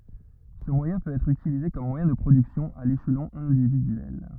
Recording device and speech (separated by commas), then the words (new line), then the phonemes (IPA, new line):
rigid in-ear microphone, read sentence
Ce moyen peut être utilisé comme moyen de production à l'échelon individuel.
sə mwajɛ̃ pøt ɛtʁ ytilize kɔm mwajɛ̃ də pʁodyksjɔ̃ a leʃlɔ̃ ɛ̃dividyɛl